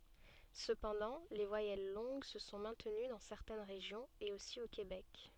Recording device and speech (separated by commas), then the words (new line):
soft in-ear microphone, read sentence
Cependant les voyelles longues se sont maintenues dans certaines régions et aussi au Québec.